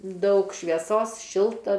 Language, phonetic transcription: Lithuanian, ˈdaug švieˈsos ˈšilta

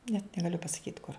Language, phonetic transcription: Lithuanian, net negaˈliu pasaˈkyt kur

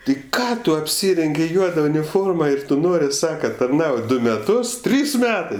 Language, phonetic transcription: Lithuanian, ti ˈką tu apˈsyrengi ˈjuoda uniˈforma ˈir ˈtu ˈnori ˈsaka tarˈnaut' ˈdu meˈtus ˈtrys ˈmetɜ

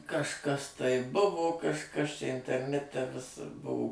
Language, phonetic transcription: Lithuanian, kažˈkas ˈtai ˈbuvo kažˈkas čia interˈnete vis ˈbuo

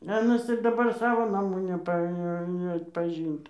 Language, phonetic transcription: Lithuanian, a ɜnas ir daˈbar ˈsavo naˈmų neˈpa neatpaˈžint

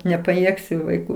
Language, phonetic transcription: Lithuanian, nepaˈjėgsiu vaiˈkų

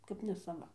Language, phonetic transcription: Lithuanian, kap nesaˈva

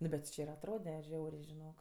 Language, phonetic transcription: Lithuanian, ˈnu bet ti ˈči ir atˈrode ˈžiaurė žiˈnok

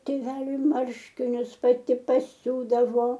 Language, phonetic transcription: Lithuanian, tėˈveliui ˈmarškinius paˈti paˈsiūdavo

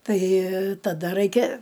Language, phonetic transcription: Lithuanian, ˈtai taˈda ˈraikia

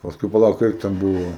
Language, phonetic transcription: Lithuanian, pasˈkui paˈlauk ˈkaip ten ˈbuvo

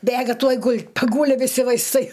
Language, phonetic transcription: Lithuanian, ˈbėga ˈtuoj ˈgul' paˈgūli viˈsi vaisˈtai

